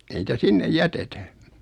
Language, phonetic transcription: Finnish, 'ei nitä 'sinnej "jätetä .
- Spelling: ei niitä sinne jätetä

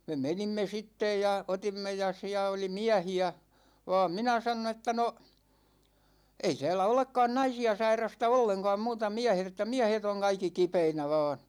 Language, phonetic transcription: Finnish, 'me "menimme 'sittej ja , 'otimme ja 'siä oli "miähi₍ä , va̭a̭m 'minä sanon ‿että » 'no , 'ei täälä 'olekkaan "naisi₍a sair̆rasta 'olleŋka̭a̭ muuta 'miähet ‿että "miähet ‿oŋ 'kaikki "kipeinä 'va̭a̭n̬ « .
- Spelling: me menimme sitten ja otimme ja siellä oli miehiä vaan minä sanoin että no ei täällä olekaan naisia sairasta ollenkaan muuta miehet että miehet on kaikki kipeinä vain

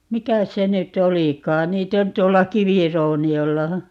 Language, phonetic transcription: Finnish, "mikäs se nyt"t̆ ‿olikaan - 'niitt̆ ‿on 'tuolla "kivirouni₍olla .
- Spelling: mikäs se nyt olikaan niitä on tuolla kivirouniolla

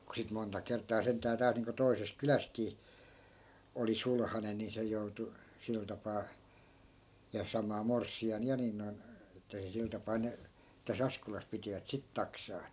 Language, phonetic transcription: Finnish, ku sit monta 'kert̆taa 'senttää 'täält niiŋko 'toises "kylästkii , 'oli "sulhanen̆ ni 'se joutu , 'sil tapaa , ja 'samaa "morssi₍an 'ja nin noi̮n , että se 'sil tapaa ne , tä's ‿askolas pitivät "sit 'taksaa että .
- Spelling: kun sitten monta kertaa sentään täältä niin kuin toisesta kylästäkin oli sulhanen niin se joutui sillä tapaa ja samaa morsian ja niin noin että se sillä tapaa ne tässä Askolassa pitivät sitä taksaa että

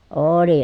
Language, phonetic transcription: Finnish, oooli .
- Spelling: oli

